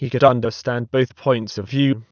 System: TTS, waveform concatenation